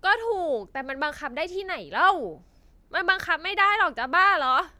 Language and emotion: Thai, frustrated